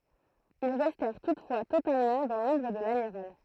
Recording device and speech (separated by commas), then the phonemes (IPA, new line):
throat microphone, read sentence
il ʁɛstɛʁ tutfwa totalmɑ̃ dɑ̃ lɔ̃bʁ də lamiʁal